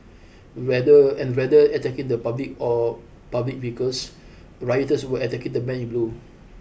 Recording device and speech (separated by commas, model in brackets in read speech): boundary microphone (BM630), read sentence